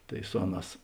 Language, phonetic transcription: Lithuanian, ˈtai ˈsu aˌnās

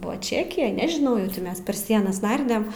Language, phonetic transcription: Lithuanian, ˈbuva ˈčekijaj nežiˈnau jau ˈti mes per ˈsienas ˈnardem

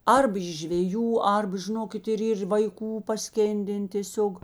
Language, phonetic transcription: Lithuanian, ˈarb iš žveˈjų ˈarba žiˈnokit ir ˈyr vaiˈkų paˈskėnden tėˈsiog

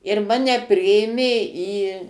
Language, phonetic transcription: Lithuanian, ir ˈmane ˈpriėmė į

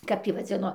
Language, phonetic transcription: Lithuanian, kap ˈtį vaˈdzino

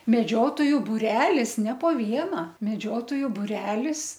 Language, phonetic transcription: Lithuanian, meˈdžiotoju buˈrelis ne po ˈviena meˈdžiotoju buˈrelis

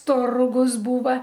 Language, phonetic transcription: Lithuanian, ˈturgus ˈbūva

